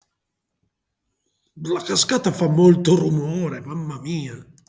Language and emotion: Italian, disgusted